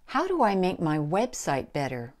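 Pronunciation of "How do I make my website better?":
'How' and 'website' are both emphasized. 'Website' is the most important word and has the highest pitch in the sentence.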